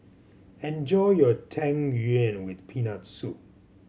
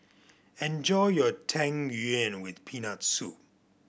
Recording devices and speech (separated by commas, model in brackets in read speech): mobile phone (Samsung C7100), boundary microphone (BM630), read sentence